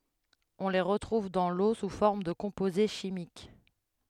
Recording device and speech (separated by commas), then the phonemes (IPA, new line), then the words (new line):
headset microphone, read sentence
ɔ̃ le ʁətʁuv dɑ̃ lo su fɔʁm də kɔ̃poze ʃimik
On les retrouve dans l'eau sous forme de composés chimiques.